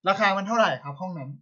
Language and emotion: Thai, neutral